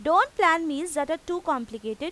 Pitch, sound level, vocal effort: 315 Hz, 93 dB SPL, loud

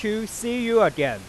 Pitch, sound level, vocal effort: 215 Hz, 97 dB SPL, very loud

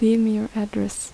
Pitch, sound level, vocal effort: 215 Hz, 77 dB SPL, soft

